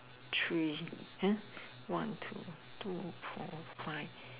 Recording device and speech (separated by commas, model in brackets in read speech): telephone, conversation in separate rooms